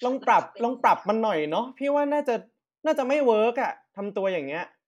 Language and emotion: Thai, frustrated